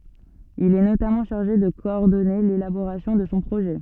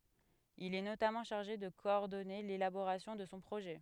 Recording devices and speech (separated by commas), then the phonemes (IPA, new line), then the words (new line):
soft in-ear microphone, headset microphone, read sentence
il ɛ notamɑ̃ ʃaʁʒe də kɔɔʁdɔne lelaboʁasjɔ̃ də sɔ̃ pʁoʒɛ
Il est notamment chargé de coordonner l'élaboration de son projet.